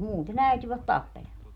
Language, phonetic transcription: Finnish, 'muute'n ‿äityvät "tappelemaa .
- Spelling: muuten äityivät tappelemaan

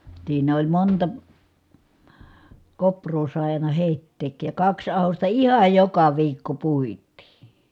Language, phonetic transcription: Finnish, siin ‿oĺ monta , kopr̀oo sài̮ àina hèitteek̀ij ja kaks ahosta ihaj joka viikko puittii .
- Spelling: siinä oli monta kouraa sai aina heittääkin ja kaksi ahdosta ihan joka viikko puitiin

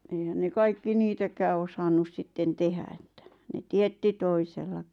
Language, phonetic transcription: Finnish, eihän ne 'kaikki "niitäkää 'osannus sitten 'tehä että , ne "tietti 'toisellakɪ .
- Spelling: eihän ne kaikki niitäkään osannut sitten tehdä että ne teetti toisellakin

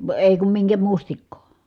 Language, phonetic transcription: Finnish, èi kum miŋkä mustikkoo .
- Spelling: ei kun minkä mustikkaa

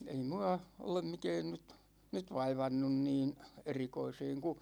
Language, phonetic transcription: Finnish, ei 'mua , 'olem 'mikɛɛn nyt , 'nyt "vaivannun niin , 'erikoiseeŋ ku ,.
- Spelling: ei minua ole mikään nyt nyt vaivannut niin erikoiseen kun

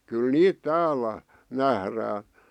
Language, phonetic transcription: Finnish, 'kyl "niit 'täälä , 'nährää .
- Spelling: kyllä niitä täällä nähdään

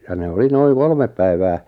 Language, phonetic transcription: Finnish, ja ne 'oli 'noiŋ "kolmeᵖ päivää ,.
- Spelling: ja ne oli noin kolme päivää

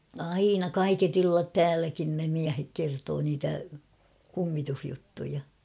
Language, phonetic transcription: Finnish, aina "kaiket ‿'illat "tääläkin ne 'miähek 'kertoo niitä , 'kummi-tuhjuttuja .
- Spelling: aina kaiket illat täälläkin ne miehet kertoo niitä kummitusjuttuja

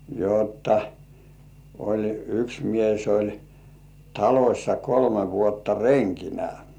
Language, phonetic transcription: Finnish, jotta oĺ 'yks mies oĺ , 'talośsa kolme vuotta "reŋkinä .
- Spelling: jotta oli yksi mies oli talossa kolme vuotta renkinä

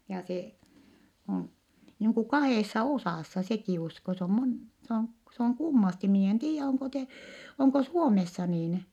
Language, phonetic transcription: Finnish, ja se , (on) niiŋ ku kahèssa osàssa sekì usko se om mon- s ‿oŋ s ‿oŋ kummasti mii en tiijjä oŋko te- , oŋko Suomessa niin .
- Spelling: ja se on niin kuin kahdessa osassa sekin usko se on - se on se on kummasti minä en tiedä onko - onko Suomessa niin

